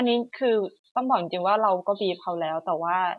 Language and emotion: Thai, frustrated